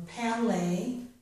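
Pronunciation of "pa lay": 'Play' is pronounced incorrectly here: a vowel sound separates the p and the l, so it sounds like 'pa lay'.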